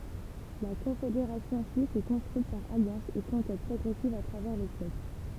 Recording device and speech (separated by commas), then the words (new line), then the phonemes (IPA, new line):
temple vibration pickup, read sentence
La Confédération suisse s'est construite par alliances et conquêtes progressives à travers les siècles.
la kɔ̃fedeʁasjɔ̃ syis sɛ kɔ̃stʁyit paʁ aljɑ̃sz e kɔ̃kɛt pʁɔɡʁɛsivz a tʁavɛʁ le sjɛkl